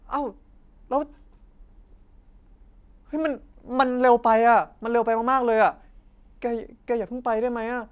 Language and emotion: Thai, frustrated